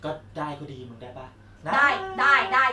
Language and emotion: Thai, happy